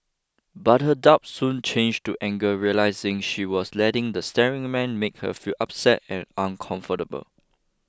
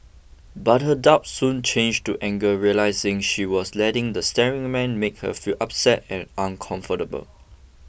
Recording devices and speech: close-talking microphone (WH20), boundary microphone (BM630), read sentence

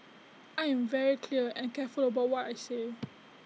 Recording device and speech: mobile phone (iPhone 6), read sentence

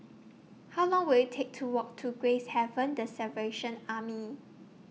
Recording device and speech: mobile phone (iPhone 6), read sentence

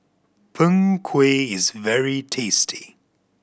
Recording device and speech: boundary microphone (BM630), read sentence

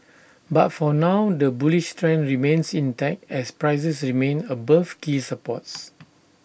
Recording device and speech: boundary microphone (BM630), read sentence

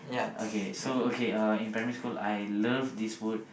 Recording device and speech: boundary microphone, conversation in the same room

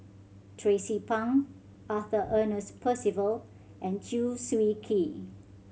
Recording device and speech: mobile phone (Samsung C7100), read sentence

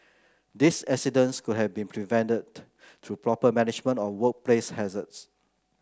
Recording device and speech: close-talking microphone (WH30), read sentence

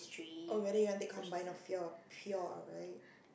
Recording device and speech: boundary microphone, conversation in the same room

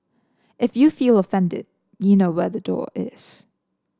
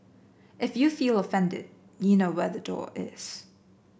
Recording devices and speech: standing microphone (AKG C214), boundary microphone (BM630), read sentence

